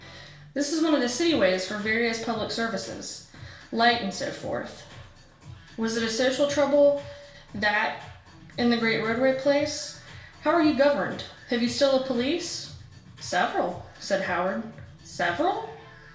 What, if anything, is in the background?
Music.